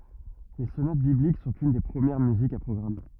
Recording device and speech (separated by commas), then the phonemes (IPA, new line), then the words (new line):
rigid in-ear microphone, read sentence
le sonat biblik sɔ̃t yn de pʁəmjɛʁ myzikz a pʁɔɡʁam
Les sonates bibliques sont une des premières musiques à programme.